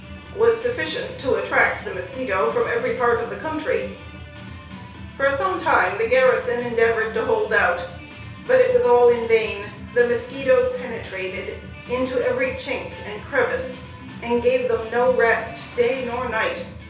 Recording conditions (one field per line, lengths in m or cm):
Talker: one person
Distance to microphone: 3.0 m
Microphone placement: far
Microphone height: 1.8 m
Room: small (3.7 m by 2.7 m)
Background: music